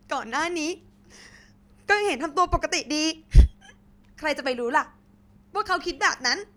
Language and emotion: Thai, sad